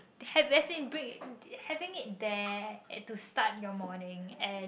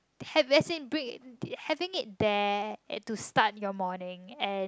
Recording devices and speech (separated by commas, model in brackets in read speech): boundary microphone, close-talking microphone, conversation in the same room